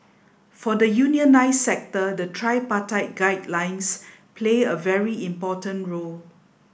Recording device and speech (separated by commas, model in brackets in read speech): boundary microphone (BM630), read sentence